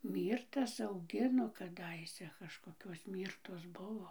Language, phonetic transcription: Lithuanian, ˈmyrtas auˈgino kaˈdaise kažkoˈkios ˈmyrtos ˈbuvo

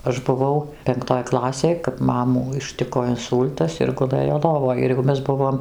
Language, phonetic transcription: Lithuanian, aš buˈvau penkˈtoj ˈklasėj kap ˈmamų išˈtiko inˈsūl'tas ir guˈlɘjo ˈlovoj ir jau ˈmes ˈbuvom

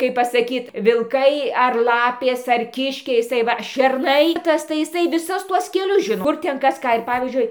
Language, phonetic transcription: Lithuanian, kaip pasaˈkyt vilˈkai ar ˈlapės ar ˈkiškiai jiˈsai ˈva šerˈnai ˈtas tai iˈsai viˈsus ˈtuos keˈlius ˈžino ˈkur ˈten ˈkas ˈką ir ˈpavyzdžiui

